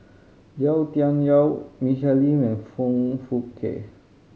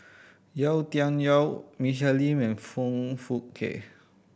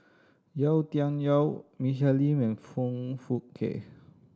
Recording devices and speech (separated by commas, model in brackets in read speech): mobile phone (Samsung C5010), boundary microphone (BM630), standing microphone (AKG C214), read sentence